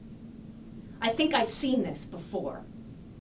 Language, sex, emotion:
English, female, disgusted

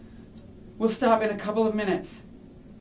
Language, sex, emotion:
English, male, neutral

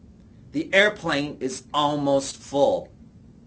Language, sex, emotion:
English, male, neutral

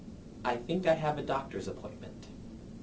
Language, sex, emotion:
English, male, neutral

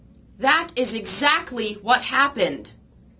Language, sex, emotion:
English, female, angry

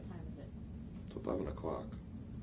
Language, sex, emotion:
English, male, neutral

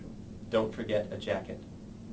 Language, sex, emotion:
English, male, neutral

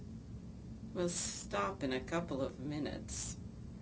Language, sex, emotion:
English, female, neutral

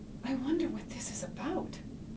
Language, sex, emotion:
English, female, fearful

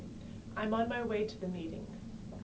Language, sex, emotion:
English, female, neutral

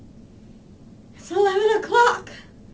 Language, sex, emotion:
English, female, disgusted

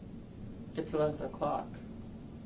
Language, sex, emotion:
English, male, neutral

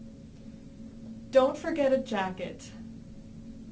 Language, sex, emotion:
English, female, neutral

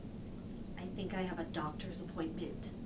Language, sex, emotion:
English, female, neutral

